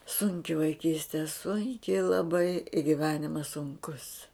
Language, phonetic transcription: Lithuanian, ˈsunki vaiˈkyste ˈsunki laˈbai i giˈvenimas sunˈkus

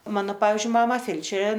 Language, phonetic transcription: Lithuanian, ˈmano ˈpavizdžiui ˈmama ˈfelčerė

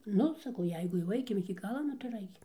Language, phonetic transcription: Lithuanian, ˈnu saˈkau ˈjeigu jau ˈaikim iki ˈgala ˈnu tai ir ˈaikim

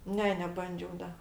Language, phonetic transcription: Lithuanian, ˈne neˈbandžiau ˈda

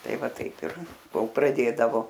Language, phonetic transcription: Lithuanian, ˈtai ˈva ˈtaip ir ˈkol praˈdėdavo

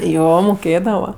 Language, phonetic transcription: Lithuanian, ˈjo moˈkėdava

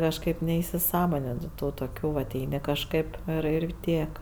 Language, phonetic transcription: Lithuanian, kažˈkaip neisiˈsąmonini ˈtų toˈkių vat ˈeini kažˈkaip ir ir ˈtiek

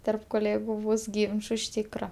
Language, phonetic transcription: Lithuanian, terp koˈlėgu ˈbus ˈgynču iš ˈtykra

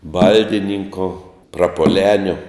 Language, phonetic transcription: Lithuanian, ˈbaldininko prapuoˈlenio

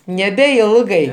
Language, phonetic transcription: Lithuanian, nebeˈilgai

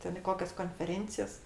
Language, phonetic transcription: Lithuanian, ˈten i ˈkokias konfeˈrėncijas

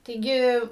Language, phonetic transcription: Lithuanian, taiˈgi

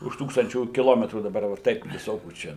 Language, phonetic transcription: Lithuanian, už ˈtūkstančių kiˈlometrų daˈbar jau ˈtaip viˈsokių ˈčia

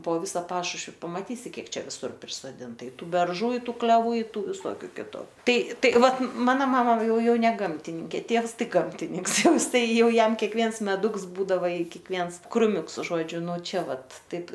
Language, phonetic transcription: Lithuanian, po ˈvisa ˈpašušvi pamaˈtysi ˈkiek ˈčia viˈsur prisoˈdinta i ˈtų berˈžų i ˈtų kleˈvų i ˈtų viˈsokiu ˈkitu ˈtai ˈtai ˈvat ˈmana ˈmama ˈjau ˈjau ne ˈgamtininkė ˈtievs ˈtai ˈgamtininks ˈjau ˈjis ˈtai ˈjau ˈjam kekˈviens meˈduks ˈbūdava i kiekˈviens kruˈmiuks ˈžodžiu nu ˈčia ˈvat ˈtaip

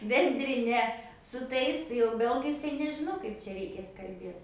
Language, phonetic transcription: Lithuanian, bendriˈne su ˈtais jau ˈbelgais tai nežiˈnau ˈkaip čia reiˈkės kalˈbėt

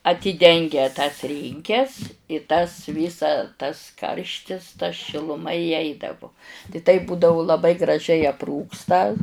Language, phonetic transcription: Lithuanian, atyˈdengia tas ˈrynkes i tas ˈvysa tas ˈkarštis ta šiluˈma įˈeidavu tai taip ˈbūdavu laˈbai graˈžiai apˈrūksta

